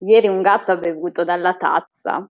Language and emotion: Italian, disgusted